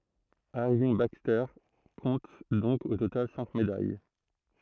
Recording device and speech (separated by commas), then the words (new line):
throat microphone, read sentence
Irving Baxter compte donc au total cinq médailles.